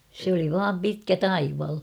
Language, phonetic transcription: Finnish, se ‿oli vaam 'pitkä "taival !
- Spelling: se oli vain pitkä taival

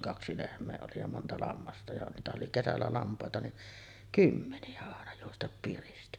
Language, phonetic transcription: Finnish, "kaksi 'lehm̆mee oli ja 'monta 'lammasta ja niitähä’ ’oli "kesällä 'lamp̀àeta niˀ , "kymmeni₍ä àena juostap piristi .
- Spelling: kaksi lehmää oli ja monta lammasta ja niitähän oli kesällä lampaita niin kymmeniä aina juosta piristi

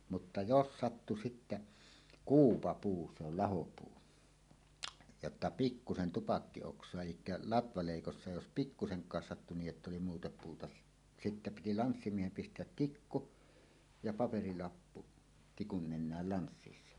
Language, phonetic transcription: Finnish, mutta "jos 'sattu sittä , "kuupapuu se ol 'lahopuu , jotta 'pikkusen 'tupakki₍ oks̀oa elikkä 'latvalèikossa jos "pikkuseŋk̀aas sattu 'nii’ ’ett ‿oli muuta puuta , 'sittä piti "lanssimiehem 'pist̀eät "tikku , ja 'paperilappu , tikun nen̆nääl 'lanssissa .
- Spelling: mutta jos sattui sitten kuupapuu se oli lahopuu jotta pikkuisen tupakkioksaa - eli latvaleikossa jos pikkuisenkaan sattui niin että oli muuta puuta sitten piti lanssimiehen pistää tikku ja paperilappu tikun nenään lanssissa

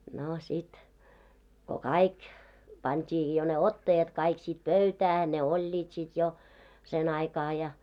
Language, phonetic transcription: Finnish, 'no 'sit , ko "kaik , 'pant́ii jo ne "ottajat kaik sit "pöytää , ne "oĺĺiit sit jo , 'sen ‿aikaa ja .
- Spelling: no sitten kun kaikki pantiin jo ne ottajat kaikki sitten pöytään ne olivat sitten jo sen aikaa ja

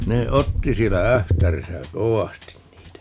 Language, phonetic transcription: Finnish, ne 'otti 'siellä "Ähtärisä "kovastin 'niitä .
- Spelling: ne otti siellä Ähtärissä kovasti niitä

